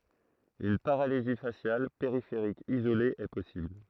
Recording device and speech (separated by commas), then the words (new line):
throat microphone, read sentence
Une paralysie faciale périphérique isolée est possible.